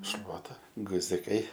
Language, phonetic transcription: Lithuanian, ˈšluota guziˈkai

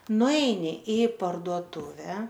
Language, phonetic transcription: Lithuanian, nuˈeini i parduoˈtuve

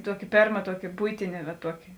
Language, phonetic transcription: Lithuanian, ˈtuoki ˈpėrma ˈtuoki ˈbuitine va ˈtuoki

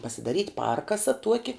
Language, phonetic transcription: Lithuanian, pasidaˈryt' ˈparkasa ˈtuoki

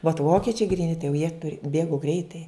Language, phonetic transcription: Lithuanian, vat ˈvokičiai gryˈni tai jau jie ˈbėgu ˈgreitai

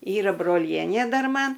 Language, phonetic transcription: Lithuanian, ˈyra broˈlienė ˈdar ˈman

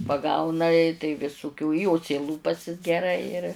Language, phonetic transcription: Lithuanian, paˈgauna i tai visuˈkių ˈjo ceiˈlūpasis geˈrai ir

